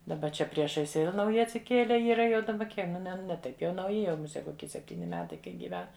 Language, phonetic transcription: Lithuanian, daˈba ˈčia ˈpriešais ˈvel nauˈji atsiˈkiele ˈyra jau daˈba ˈkie ˈne ne ˈtaip jau nauˈji ˈjau muˈse koˈki sepˈtyni ˈmetai ˈkai gyˈven

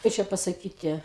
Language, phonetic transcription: Lithuanian, ˈkai čia pasaˈkyti

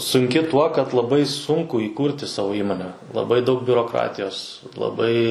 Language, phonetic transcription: Lithuanian, sunˈki tuo kad laˈbai ˈsunku įˈkūrti ˈsavo ˈįmone laˈbai daug biuroˈkratijos laˈbai

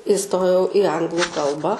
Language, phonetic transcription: Lithuanian, iˈstojau i ˈanglu ˈkalbą

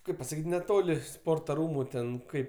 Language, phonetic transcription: Lithuanian, ˈkaip pasaˈkyt' neˈtoli ˈsporta ˈrūmu ˈten ˈkaip

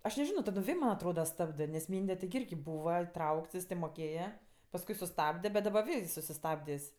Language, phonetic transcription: Lithuanian, aš neˈžino taˈdom ˈvė man' atˈroda ˈstabdɜ nes ˈmynde tigi ˈirgi ˈbūva iˈtraukts jis tė moˈkėja pasˈkui suˈstabde bet daˈba ˈvė is susiˈstabdės'

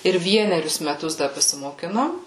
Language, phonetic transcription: Lithuanian, ir ˈvienerius meˈtus da pasimoˈkinom

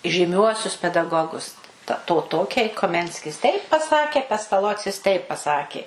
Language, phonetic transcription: Lithuanian, žyˈmiuosius pedaˈgogus ˈta ˈto ˈtokiai koˈmenskis teip paˈsakė pestaˈlocis ˈteip paˈsakė

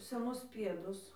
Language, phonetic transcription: Lithuanian, seˈnus ˈpiedus

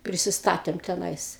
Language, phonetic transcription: Lithuanian, prisiˈstatėm teˈnais

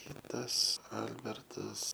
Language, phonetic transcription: Lithuanian, ˈkitas ˈalbertas

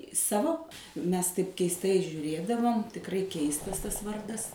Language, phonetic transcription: Lithuanian, ˈsavo ˈmes taip keisˈtai žiūˈrėdavom tikˈrai ˈkeistas ˈtas ˈvardas

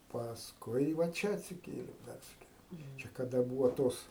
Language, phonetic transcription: Lithuanian, pasˈkui va ˈčia atsiˈkėlėm ˈpersikėlėm kaˈda ˈbūva ˈtos

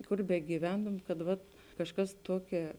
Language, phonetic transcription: Lithuanian, ˈkur begyˈventum kad ˈvat kažˈkas ˈtuoˌkia

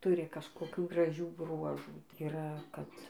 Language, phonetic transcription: Lithuanian, ˈturi kažkoˈkių graˈžių ˈbruožų tai yˈra kad

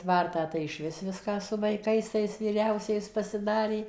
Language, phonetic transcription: Lithuanian, ˈtvartą tai iš vis ˈviską su vaiˈkais tais vyˈriausiais pasiˈdarė

